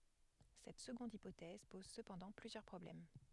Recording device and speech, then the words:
headset microphone, read sentence
Cette seconde hypothèse pose cependant plusieurs problèmes.

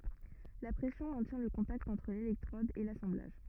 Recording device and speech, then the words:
rigid in-ear microphone, read sentence
La pression maintient le contact entre l'électrode et l'assemblage.

